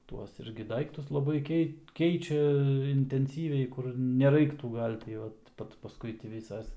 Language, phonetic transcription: Lithuanian, ˈtuos ˈirgi ˈdaiktus laˈbai ˈkeit ˈkeičia intenˈsyviai kur neˈraiktų ˈgal' ti ˈot ˈpat pasˈkui tį ˈvysas

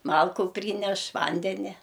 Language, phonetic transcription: Lithuanian, ˈmalku ˈpryneš ˈvandenia

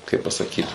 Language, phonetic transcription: Lithuanian, kai pasaˈkyt

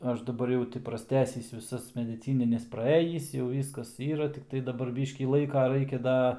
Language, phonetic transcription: Lithuanian, ˈaš daˈbar jau ˈti prasˈtęsis viˈsas mediˈcynines praˈėjįs jau ˈvyskas ˈyra tikˈtai daˈbar ˈbyškį ˈlaika ˈraikia ˈda

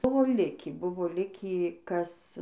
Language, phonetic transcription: Lithuanian, ˈbuvo ˈlikį ˈbuvo ˈlikį ˈkas

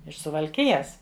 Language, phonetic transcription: Lithuanian, iš suvalˈkijas

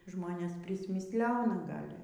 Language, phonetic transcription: Lithuanian, ˈžmonės prismisˈlena ˈgal'

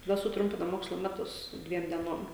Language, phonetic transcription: Lithuanian, taˈda suˈtrumpina ˈmokslo ˈmetus ˈdviem dieˈnom

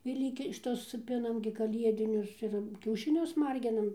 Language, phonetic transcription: Lithuanian, ir ˈlyki šiˈtus ˈpinam gi kaˈliedinius ir kiaušiˈnius ˈmarginam

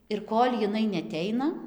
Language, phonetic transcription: Lithuanian, ir ˈkol' jiˈnai neaˈteina

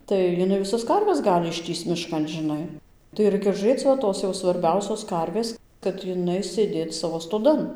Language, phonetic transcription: Lithuanian, tai jiˈnai viˈsas ˈkarves ˈgali išˈtįsc miˈškan žiˈnai tai ˈraikia žuˈrėc va ˈtos jau svarˈbiausios ˈkarvės kad iˈnai sėˈdėt ˈsavo stoˈdan

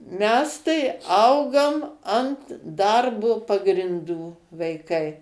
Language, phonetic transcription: Lithuanian, ˈmes tai ˈaugom ant ˈdarbo pagrinˈdų vaiˈkai

